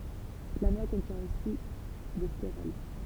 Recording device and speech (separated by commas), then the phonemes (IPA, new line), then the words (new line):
temple vibration pickup, read sentence
la nwa kɔ̃tjɛ̃ osi de steʁɔl
La noix contient aussi des stérols.